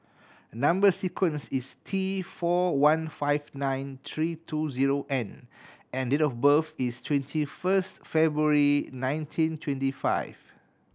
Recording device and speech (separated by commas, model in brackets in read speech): standing microphone (AKG C214), read sentence